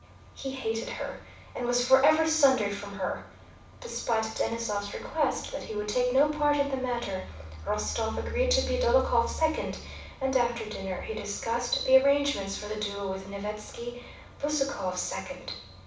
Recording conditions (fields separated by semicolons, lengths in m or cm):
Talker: one person; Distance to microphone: 5.8 m; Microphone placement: far; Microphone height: 1.8 m; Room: medium-sized (5.7 m by 4.0 m); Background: none